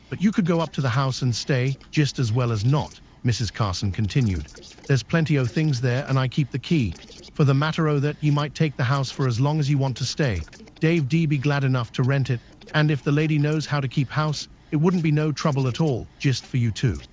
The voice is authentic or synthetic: synthetic